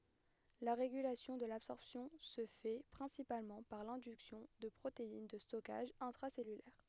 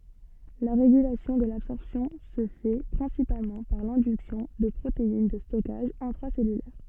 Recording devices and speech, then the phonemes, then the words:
headset microphone, soft in-ear microphone, read sentence
la ʁeɡylasjɔ̃ də labsɔʁpsjɔ̃ sə fɛ pʁɛ̃sipalmɑ̃ paʁ lɛ̃dyksjɔ̃ də pʁotein də stɔkaʒ ɛ̃tʁasɛlylɛʁ
La régulation de l'absorption se fait principalement par l'induction de protéines de stockage intracellulaires.

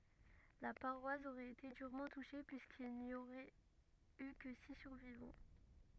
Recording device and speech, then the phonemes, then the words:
rigid in-ear microphone, read sentence
la paʁwas oʁɛt ete dyʁmɑ̃ tuʃe pyiskil ni oʁɛt y kə si syʁvivɑ̃
La paroisse aurait été durement touchée puisqu'il n'y aurait eu que six survivants.

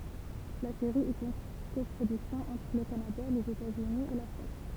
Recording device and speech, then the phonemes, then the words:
temple vibration pickup, read sentence
la seʁi ɛt yn kɔpʁodyksjɔ̃ ɑ̃tʁ lə kanada lez etatsyni e la fʁɑ̃s
La série est une coproduction entre le Canada, les États-Unis et la France.

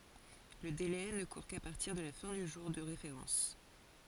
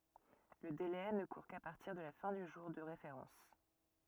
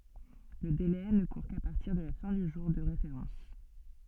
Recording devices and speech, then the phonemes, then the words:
forehead accelerometer, rigid in-ear microphone, soft in-ear microphone, read sentence
lə dele nə kuʁ ka paʁtiʁ də la fɛ̃ dy ʒuʁ də ʁefeʁɑ̃s
Le délai ne court qu'à partir de la fin du jour de référence.

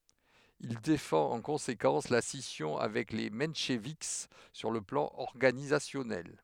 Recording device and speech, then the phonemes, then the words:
headset microphone, read sentence
il defɑ̃t ɑ̃ kɔ̃sekɑ̃s la sisjɔ̃ avɛk le mɑ̃ʃvik syʁ lə plɑ̃ ɔʁɡanizasjɔnɛl
Il défend en conséquence la scission avec les mencheviks sur le plan organisationnel.

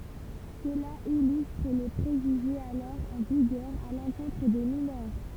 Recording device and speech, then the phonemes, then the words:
temple vibration pickup, read sentence
səla ilystʁ le pʁeʒyʒez alɔʁ ɑ̃ viɡœʁ a lɑ̃kɔ̃tʁ de minœʁ
Cela illustre les préjugés alors en vigueur à l'encontre des mineurs.

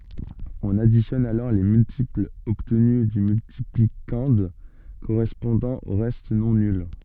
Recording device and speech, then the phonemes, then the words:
soft in-ear microphone, read sentence
ɔ̃n aditjɔn alɔʁ le myltiplz ɔbtny dy myltiplikɑ̃d koʁɛspɔ̃dɑ̃ o ʁɛst nɔ̃ nyl
On additionne alors les multiples obtenus du multiplicande correspondant aux restes non nuls.

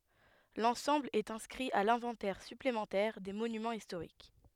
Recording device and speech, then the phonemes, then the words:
headset microphone, read sentence
lɑ̃sɑ̃bl ɛt ɛ̃skʁi a lɛ̃vɑ̃tɛʁ syplemɑ̃tɛʁ de monymɑ̃z istoʁik
L'ensemble est inscrit à l'inventaire supplémentaire des Monuments historiques.

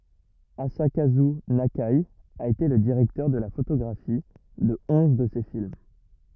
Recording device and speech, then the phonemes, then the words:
rigid in-ear microphone, read sentence
azakazy nake a ete lə diʁɛktœʁ də la fotoɡʁafi də ɔ̃z də se film
Asakazu Nakai a été le directeur de la photographie de onze de ses films.

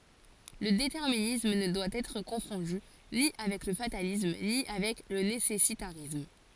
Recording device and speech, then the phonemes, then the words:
forehead accelerometer, read sentence
lə detɛʁminism nə dwa ɛtʁ kɔ̃fɔ̃dy ni avɛk lə fatalism ni avɛk lə nesɛsitaʁism
Le déterminisme ne doit être confondu ni avec le fatalisme ni avec le nécessitarisme.

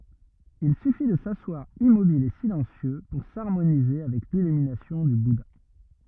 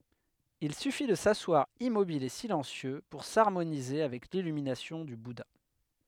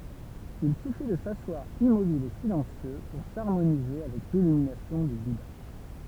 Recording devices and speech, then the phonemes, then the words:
rigid in-ear microphone, headset microphone, temple vibration pickup, read sentence
il syfi də saswaʁ immobil e silɑ̃sjø puʁ saʁmonize avɛk lilyminasjɔ̃ dy buda
Il suffit de s’asseoir immobile et silencieux pour s'harmoniser avec l'illumination du Bouddha.

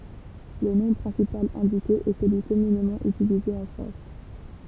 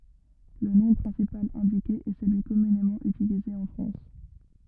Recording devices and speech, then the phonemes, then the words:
temple vibration pickup, rigid in-ear microphone, read sentence
lə nɔ̃ pʁɛ̃sipal ɛ̃dike ɛ səlyi kɔmynemɑ̃ ytilize ɑ̃ fʁɑ̃s
Le nom principal indiqué est celui communément utilisé en France.

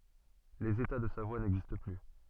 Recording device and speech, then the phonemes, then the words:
soft in-ear microphone, read sentence
lez eta də savwa nɛɡzist ply
Les États de Savoie n'existent plus.

